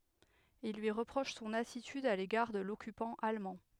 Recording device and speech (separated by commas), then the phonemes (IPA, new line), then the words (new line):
headset microphone, read sentence
il lyi ʁəpʁoʃ sɔ̃n atityd a leɡaʁ də lɔkypɑ̃ almɑ̃
Ils lui reprochent son attitude à l'égard de l'occupant allemand.